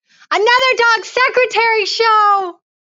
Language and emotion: English, happy